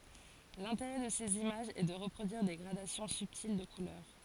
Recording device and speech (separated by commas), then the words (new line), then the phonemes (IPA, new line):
forehead accelerometer, read sentence
L’intérêt de ces images est de reproduire des gradations subtiles de couleurs.
lɛ̃teʁɛ də sez imaʒz ɛ də ʁəpʁodyiʁ de ɡʁadasjɔ̃ sybtil də kulœʁ